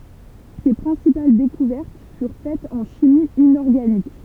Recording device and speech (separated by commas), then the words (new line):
temple vibration pickup, read sentence
Ses principales découvertes furent faites en chimie inorganique.